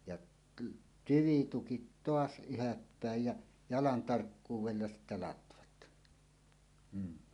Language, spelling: Finnish, ja tyvitukit taas ylhäälle päin ja jalan tarkkuudella sitten latvat mm
- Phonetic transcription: jaˀ , 'tyvitukit "toas 'yhäppä̀ej jä , "jalan 'tarkkuuwella sittä 'latvat , m̥ .

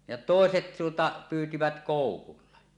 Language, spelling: Finnish, ja toiset tuota pyysivät koukulla
- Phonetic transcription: ja "tòeset tuota , 'pyytivät 'kòukulla .

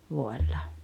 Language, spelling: Finnish, vuodella
- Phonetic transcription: 'vuoella .

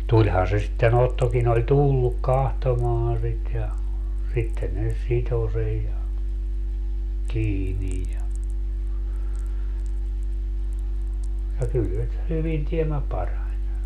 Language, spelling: Finnish, tulihan se sitten Ottokin oli tullut katsomaan sitä ja sitten ne sitoi sen ja kiinni ja ja kyllä se hyvin tiemmä parani
- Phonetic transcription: 'tuĺhaa se sitte'n ‿Ottokin ‿oĺ "tulluk 'kahtomaaa̰ sit ja , 'sitte ne , 'sito sej ja , 'kiinij ja , ja 'kyl se , 'hyvin tiemmä "parań .

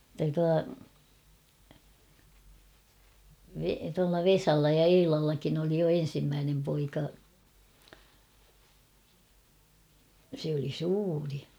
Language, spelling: Finnish, että tuo - tuolla Vesalla ja Eilallakin oli jo ensimmäinen poika se oli suuri
- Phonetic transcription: [et]tä tua , Ve- tualla "Vesalla ja "Eilallakin ‿oli jo 'en̬simmänem poika , se oli 'suuri .

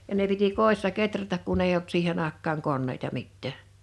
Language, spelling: Finnish, ja ne piti kodissa kehrätä kun ei ollut siihen aikaan koneita mitään
- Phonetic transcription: 'ja ne piti "kòissa "keträtäk kun ‿eij ‿olt 'siihen ‿àek̆kaaŋ 'konneita 'mittä̀ .

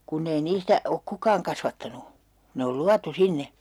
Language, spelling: Finnish, kun ei niistä ole kukaan kasvattanut ne on luotu sinne
- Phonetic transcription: kunn ‿ei 'niistä , ok "kukaaŋ kasvattanu , 'ne ol "luatu 'sinne .

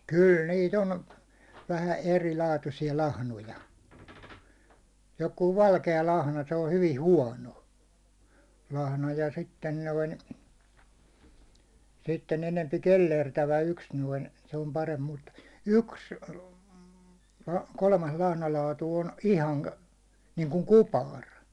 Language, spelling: Finnish, kyllä niitä on vähän erilaatuisia lahnoja joku valkea lahna se on hyvin huono lahna ja sitten noin sitten enempi kellertävä yksi noin se on parempi mutta yksi kolmas lahnalaatu on - niin kuin kupari
- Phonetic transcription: 'kyl nii't ‿on , vähä "eri'laatusi₍a 'lahnoja , jokuu 'valke₍a lahna se o 'hyvi "huåno , lahna ja sitten 'noin , sitten enempi "kellertävä yks noin , se om paremp mut , "yks , 'kolmas lahnalaatu on 'ihaŋ- , niiŋkuŋ "kupar .

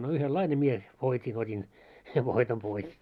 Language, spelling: Finnish, no yhdenlainen minä voitin otin sen voiton pois
- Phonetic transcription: no 'yhel"laine mie , 'voit́in ot́in , sev voitom pois .

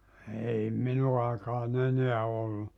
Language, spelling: Finnish, ei minun aikaan enää ollut
- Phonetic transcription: ei 'minu aikaa'n ‿eneä ollu .

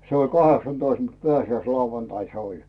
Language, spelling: Finnish, se oli kahdeksantoista mutta pääsiäislauantaina se oli
- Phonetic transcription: se ‿ol "kaheksan'toist mut "peäsi₍äis'lauvantain se oĺ .

